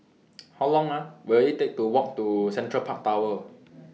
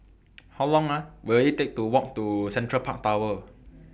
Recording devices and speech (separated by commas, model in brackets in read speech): mobile phone (iPhone 6), boundary microphone (BM630), read sentence